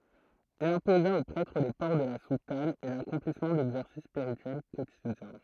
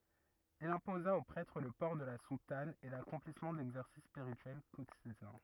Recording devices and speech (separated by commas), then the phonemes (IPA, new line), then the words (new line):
throat microphone, rigid in-ear microphone, read sentence
il ɛ̃poza o pʁɛtʁ lə pɔʁ də la sutan e lakɔ̃plismɑ̃ dɛɡzɛʁsis spiʁityɛl kotidjɛ̃
Il imposa aux prêtres le port de la soutane et l'accomplissement d'exercices spirituels quotidiens.